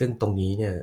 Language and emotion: Thai, neutral